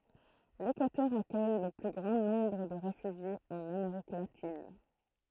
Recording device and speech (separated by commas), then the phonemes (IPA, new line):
throat microphone, read sentence
lekwatœʁ akœj lə ply ɡʁɑ̃ nɔ̃bʁ də ʁefyʒjez ɑ̃n ameʁik latin